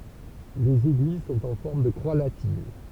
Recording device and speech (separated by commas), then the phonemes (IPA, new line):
temple vibration pickup, read sentence
lez eɡliz sɔ̃t ɑ̃ fɔʁm də kʁwa latin